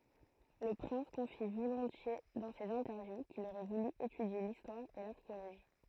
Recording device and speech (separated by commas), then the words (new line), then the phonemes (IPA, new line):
throat microphone, read sentence
Le prince confie volontiers dans ses interviews qu'il aurait voulu étudier l'histoire et l'archéologie.
lə pʁɛ̃s kɔ̃fi volɔ̃tje dɑ̃ sez ɛ̃tɛʁvju kil oʁɛ vuly etydje listwaʁ e laʁkeoloʒi